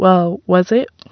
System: none